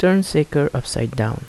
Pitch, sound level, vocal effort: 145 Hz, 78 dB SPL, soft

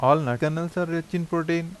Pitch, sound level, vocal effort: 170 Hz, 85 dB SPL, normal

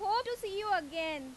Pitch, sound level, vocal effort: 395 Hz, 96 dB SPL, very loud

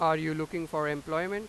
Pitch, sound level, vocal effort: 160 Hz, 98 dB SPL, loud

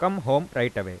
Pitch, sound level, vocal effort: 135 Hz, 90 dB SPL, normal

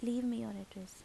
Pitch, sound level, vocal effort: 220 Hz, 79 dB SPL, soft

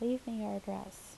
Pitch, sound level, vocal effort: 220 Hz, 76 dB SPL, soft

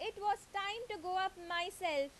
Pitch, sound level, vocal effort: 380 Hz, 92 dB SPL, very loud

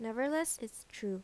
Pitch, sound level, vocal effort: 230 Hz, 81 dB SPL, normal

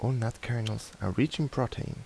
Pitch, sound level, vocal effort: 120 Hz, 77 dB SPL, soft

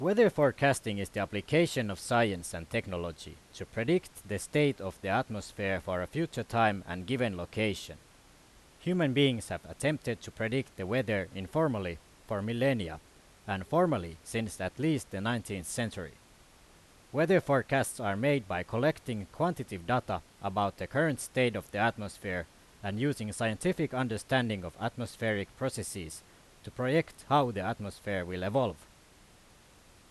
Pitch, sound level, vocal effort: 110 Hz, 90 dB SPL, very loud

